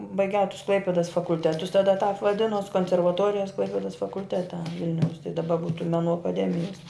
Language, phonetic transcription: Lithuanian, baiˈgiau tus ˈklaipidas fakulˈtetus taˈda tāp vaˈdinus konservaˈtorijas ˈklaipėdas fakulˈtete ˈvilniaus tai daˈba ˈbūtu meˈnų akaˈdemijas

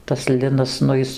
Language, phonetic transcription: Lithuanian, tas ˈlinas nu ˈjis

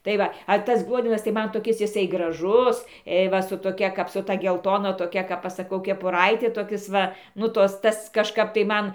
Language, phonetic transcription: Lithuanian, tai ˈva a ˈtas ˈgluodenas tai ˈman toˈkis jiˈsai graˈžus ė ˈva su toˈkia ˈkap su ˈta gelˈtona toˈkia kap ˈaš saˈkau kepuˈraiti toˈkis ˈva ˈnu ˈtos ˈtas kažˈkap tai ˈman

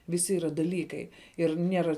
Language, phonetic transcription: Lithuanian, viˈsi yˈra daˈlykai ir ˈniera

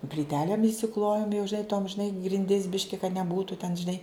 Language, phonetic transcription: Lithuanian, plyˈtelėm išsiˈklojom jau žiˈnai tom žiˈnai grinˈdis ˈbiški kad neˈbūtu ten žiˈnai

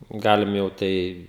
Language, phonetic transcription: Lithuanian, ˈgalim jau ˈtai

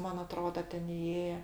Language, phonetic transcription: Lithuanian, ˈman aˈtroda ˈten iˈėje

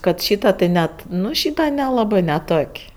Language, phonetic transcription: Lithuanian, ˈkad ˈšyta tai ˈnet ˈnu ˈšyta neˈlabɜ neˈtok'

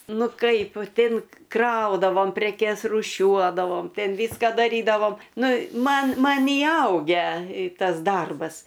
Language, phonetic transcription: Lithuanian, ˈnu ˈkaip ˈtin ˈkraudavom preˈkes rūˈšiuodavom ˈten ˈvyska daˈrydavom ˈnu ˈman ˈman įˈaugę ˈtas ˈdarbas

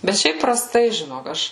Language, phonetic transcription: Lithuanian, bet ˈšiaip praˈstai žiˈnok ˈaš

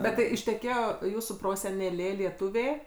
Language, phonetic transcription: Lithuanian, ˈbet tai išteˈkėjo ˈjūsų proseneˈlė lieˈtuvė

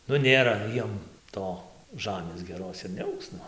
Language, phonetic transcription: Lithuanian, ˈnu ˈnėra ˈjiem ˈto ˈžamės geˈros ir neˈaugs ˈnu

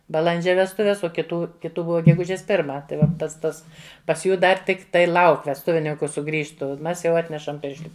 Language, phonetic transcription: Lithuanian, baˈlandžia vesˈtuves o kiˈtų kiˈtų ˈbuva geˈgužės ˈpirma tai ˈva ˈpats ˈtas pas ˈjų ˈdar ˈtikˈtai ˈlauk vesˈtuvininku suˈgrįžtu ˈmes jau ˈatnešam ˈpiršli

